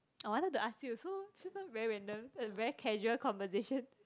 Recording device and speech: close-talking microphone, conversation in the same room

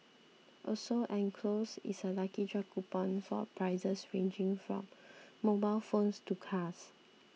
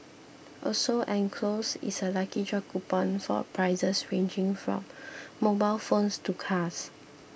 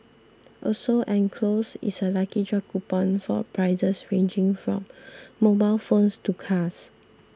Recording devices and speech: mobile phone (iPhone 6), boundary microphone (BM630), standing microphone (AKG C214), read sentence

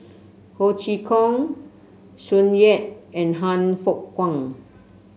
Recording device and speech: mobile phone (Samsung C7), read sentence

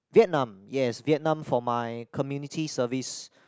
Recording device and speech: close-talking microphone, conversation in the same room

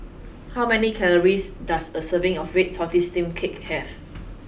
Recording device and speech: boundary microphone (BM630), read sentence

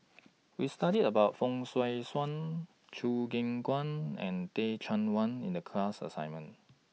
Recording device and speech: mobile phone (iPhone 6), read sentence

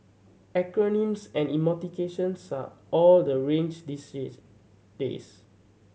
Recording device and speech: mobile phone (Samsung C7100), read sentence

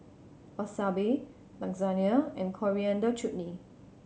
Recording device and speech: mobile phone (Samsung C7100), read sentence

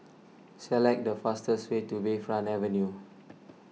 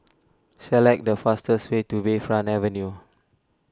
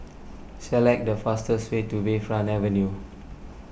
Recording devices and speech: mobile phone (iPhone 6), standing microphone (AKG C214), boundary microphone (BM630), read sentence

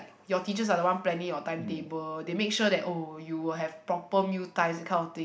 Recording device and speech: boundary microphone, conversation in the same room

